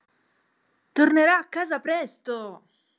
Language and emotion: Italian, happy